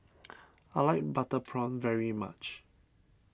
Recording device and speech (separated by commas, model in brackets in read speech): standing microphone (AKG C214), read sentence